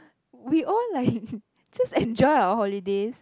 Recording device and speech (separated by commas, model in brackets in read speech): close-talking microphone, conversation in the same room